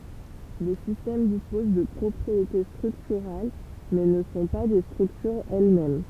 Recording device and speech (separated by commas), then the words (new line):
temple vibration pickup, read sentence
Les systèmes disposent de propriétés structurales, mais ne sont pas des structures elles-mêmes.